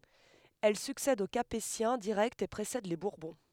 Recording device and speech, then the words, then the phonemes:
headset microphone, read sentence
Elle succède aux Capétiens directs et précède les Bourbons.
ɛl syksɛd o kapetjɛ̃ diʁɛktz e pʁesɛd le buʁbɔ̃

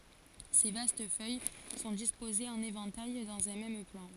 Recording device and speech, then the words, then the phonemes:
forehead accelerometer, read sentence
Ses vastes feuilles sont disposées en éventail, dans un même plan.
se vast fœj sɔ̃ dispozez ɑ̃n evɑ̃taj dɑ̃z œ̃ mɛm plɑ̃

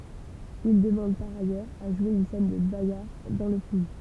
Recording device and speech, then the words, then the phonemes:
temple vibration pickup, read sentence
Il demande par ailleurs à jouer une scène de bagarre dans le film.
il dəmɑ̃d paʁ ajœʁz a ʒwe yn sɛn də baɡaʁ dɑ̃ lə film

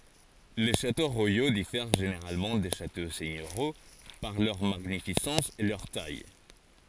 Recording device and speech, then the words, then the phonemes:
forehead accelerometer, read sentence
Les châteaux royaux diffèrent généralement des châteaux seigneuriaux par leur magnificence et leur taille.
le ʃato ʁwajo difɛʁ ʒeneʁalmɑ̃ de ʃato sɛɲøʁjo paʁ lœʁ maɲifisɑ̃s e lœʁ taj

